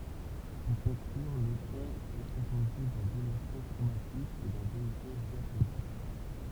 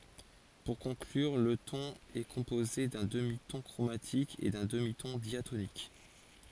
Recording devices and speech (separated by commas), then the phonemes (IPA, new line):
temple vibration pickup, forehead accelerometer, read sentence
puʁ kɔ̃klyʁ lə tɔ̃n ɛ kɔ̃poze dœ̃ dəmitɔ̃ kʁomatik e dœ̃ dəmitɔ̃ djatonik